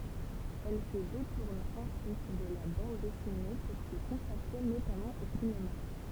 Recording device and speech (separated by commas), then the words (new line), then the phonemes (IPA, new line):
temple vibration pickup, read sentence
Elle se détourne ensuite de la bande dessinée pour se consacrer notamment au cinéma.
ɛl sə detuʁn ɑ̃syit də la bɑ̃d dɛsine puʁ sə kɔ̃sakʁe notamɑ̃ o sinema